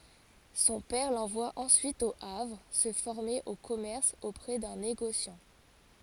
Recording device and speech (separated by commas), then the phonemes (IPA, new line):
forehead accelerometer, read sentence
sɔ̃ pɛʁ lɑ̃vwa ɑ̃syit o avʁ sə fɔʁme o kɔmɛʁs opʁɛ dœ̃ neɡosjɑ̃